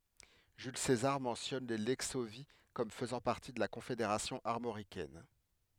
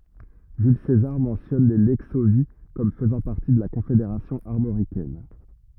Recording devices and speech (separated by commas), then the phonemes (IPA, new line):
headset microphone, rigid in-ear microphone, read sentence
ʒyl sezaʁ mɑ̃sjɔn le lɛksovji kɔm fəzɑ̃ paʁti də la kɔ̃fedeʁasjɔ̃ aʁmoʁikɛn